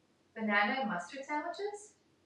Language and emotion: English, happy